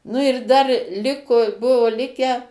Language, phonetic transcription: Lithuanian, nu ir dar ˈliku ˈbuvu ˈlikę

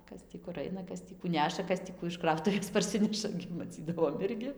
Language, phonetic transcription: Lithuanian, ˈkas tį kur ˈaina ˈkas tį kų ˈneša ˈkas tį ˈkų iš ˈkrautuvės parˈsineša gi maˈcydavom ˈirgi

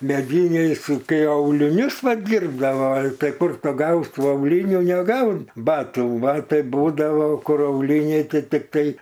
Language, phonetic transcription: Lithuanian, meˈdyniai su ˈkai auliˈnius va ˈdyrbdava tai ˈkur tu ˈgaus' tu auˈlynių neˈgaun ˈbatų ˈbatai ˈbūdavo ˈkur auˈlyniai ˈtai tikˈtai

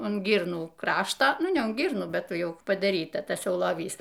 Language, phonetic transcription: Lithuanian, un ˈgyrnų ˈkrašto ˈnu ne un ˈgyrnų ˈbet ˈjau padaˈryta ˈtasˈjau loˈvys

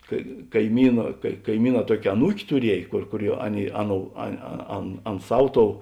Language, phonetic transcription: Lithuanian, ka kaiˈmyna kai kaiˈmyˌnā ˈtuokė aˈnūk' tuˈriej kur kuˈriuo ˈaˌnėi ˈaˌnou a a ˈan ˈan ˈsav ˈtou

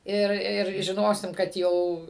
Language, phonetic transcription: Lithuanian, ˈir ˈir žiˈnosim kad ˈjau

